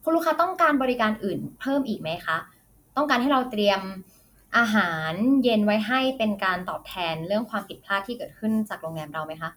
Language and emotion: Thai, neutral